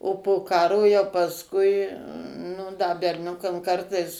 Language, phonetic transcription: Lithuanian, o po ˈkaro jau pasˈkui nu da berˈniukam ˈkartais

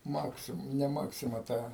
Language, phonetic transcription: Lithuanian, ˈmaksim ne ˈmaksima ˈta

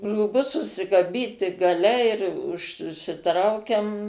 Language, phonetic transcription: Lithuanian, rūˈbus susikaˈbyti gaˈle ir už užsiˈtraukiam

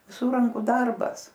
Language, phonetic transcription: Lithuanian, viˈsur ˈranku ˈdarbas

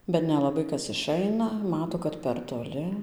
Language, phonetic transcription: Lithuanian, bet nelaˈbai ˈkas iˈšaina ˈmato kad per toˈli

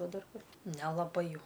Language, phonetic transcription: Lithuanian, ˈva ˈdar ˈkur nelaˈbai ˈjau

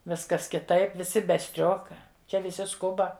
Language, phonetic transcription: Lithuanian, ˈviskas kiˈtaip viˈsi be ˈstrioka ˈčia viˈsi ˈskuba

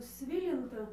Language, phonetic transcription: Lithuanian, ˈsvilintą

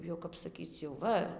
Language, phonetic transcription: Lithuanian, ˈjau kap saˈkyc jau ˈva

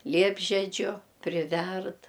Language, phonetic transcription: Lithuanian, ˈliepžedžiu priˈverd

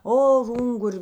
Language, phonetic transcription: Lithuanian, ˈo ˈungur'

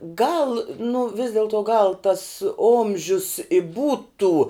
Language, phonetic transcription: Lithuanian, gal nu vis delˈto gal tas ˈomžius i ˈbūtu

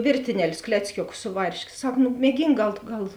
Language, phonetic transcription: Lithuanian, ˈvėrtineˌlius ˈkleckioˌkus ˈsu varšˌkė ˈsak nu mieˈgynk ˈgal tu ˈgal

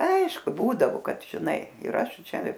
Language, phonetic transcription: Lithuanian, ˈaišku ˈbūdavo ˈkad žiˈnai ir ˈaš ˈčia

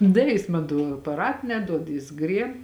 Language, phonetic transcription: Lithuanian, ˈda jis ˈman to apaˈrat neˈduod jis ˈgrieb

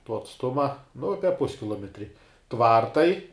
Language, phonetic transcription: Lithuanian, tuo atsˈtuma nu ˈape ˈpuskilometri ˈtvartai

